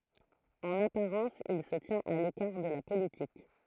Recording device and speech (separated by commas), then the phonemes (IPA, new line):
throat microphone, read sentence
ɑ̃n apaʁɑ̃s il sə tjɛ̃t a lekaʁ də la politik